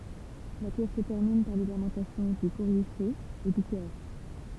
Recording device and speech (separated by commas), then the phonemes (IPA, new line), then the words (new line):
temple vibration pickup, read sentence
la pjɛs sə tɛʁmin paʁ le lamɑ̃tasjɔ̃ dy koʁife e dy kœʁ
La pièce se termine par les lamentations du Coryphée et du chœur.